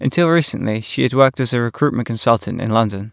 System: none